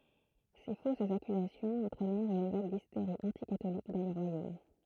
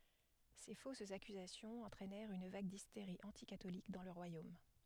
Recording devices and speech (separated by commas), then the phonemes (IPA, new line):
throat microphone, headset microphone, read sentence
se fosz akyzasjɔ̃z ɑ̃tʁɛnɛʁt yn vaɡ disteʁi ɑ̃tikatolik dɑ̃ lə ʁwajom